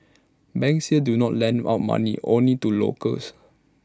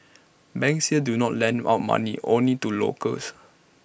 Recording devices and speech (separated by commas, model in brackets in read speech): standing microphone (AKG C214), boundary microphone (BM630), read sentence